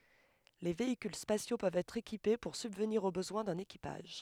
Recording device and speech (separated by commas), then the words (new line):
headset microphone, read sentence
Les véhicules spatiaux peuvent être équipés pour subvenir aux besoins d'un équipage.